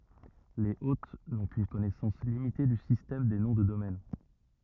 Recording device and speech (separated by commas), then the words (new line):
rigid in-ear microphone, read sentence
Les hôtes n'ont qu'une connaissance limitée du système des noms de domaine.